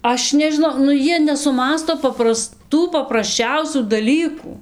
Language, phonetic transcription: Lithuanian, ˈaš nežiˈnau nu ˈjie nesuˈmąsto papraˈstų paprasˈčiausių daˈlykų

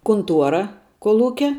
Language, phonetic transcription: Lithuanian, kunˈtuora kolˈūkia

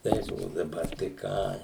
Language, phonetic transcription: Lithuanian, ˈtais o daˈbar tai ˈką

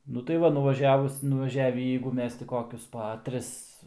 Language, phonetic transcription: Lithuanian, ˈnu tai ˈva nuvaˈžiavus nuvaˈžiavį jeigu ˈmes ti ˈkokius pa ˈtris

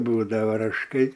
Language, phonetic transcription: Lithuanian, ˈbūdava rašˈkai

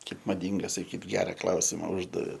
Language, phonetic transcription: Lithuanian, ˈkaip maˈdynga saˈkyt ˈgera ˈklausima ˈuždavė

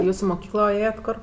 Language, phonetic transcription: Lithuanian, ˈjūs i muˈkyklo ˈėjat' ˈkor

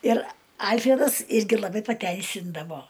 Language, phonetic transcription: Lithuanian, ir ˈalfredas ˈirgi laˈbai paˈteisindavo

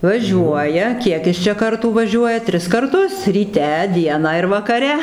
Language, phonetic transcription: Lithuanian, vaˈžiuoja ˈkiek is čia ˈkartų vaˈžiuoja ˈtris karˈtus ryˈte ˈdieną ir vakaˈre

